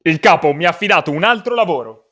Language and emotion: Italian, angry